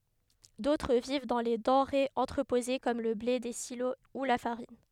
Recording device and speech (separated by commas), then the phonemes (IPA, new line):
headset microphone, read sentence
dotʁ viv dɑ̃ le dɑ̃ʁez ɑ̃tʁəpoze kɔm lə ble de silo u la faʁin